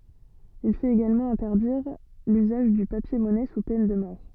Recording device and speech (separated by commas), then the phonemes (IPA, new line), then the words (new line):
soft in-ear microphone, read sentence
il fɛt eɡalmɑ̃ ɛ̃tɛʁdiʁ lyzaʒ dy papjɛʁmɔnɛ su pɛn də mɔʁ
Il fait également interdire l'usage du papier-monnaie sous peine de mort.